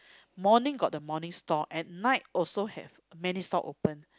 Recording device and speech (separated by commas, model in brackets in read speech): close-talking microphone, conversation in the same room